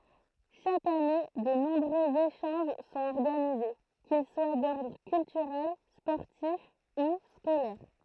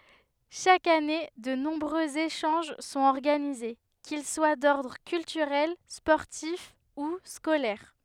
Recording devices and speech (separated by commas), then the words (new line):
throat microphone, headset microphone, read sentence
Chaque année de nombreux échanges sont organisés, qu'ils soient d'ordre culturel, sportif ou scolaire.